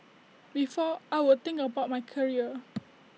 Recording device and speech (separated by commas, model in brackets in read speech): mobile phone (iPhone 6), read sentence